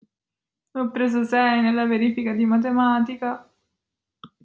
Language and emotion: Italian, sad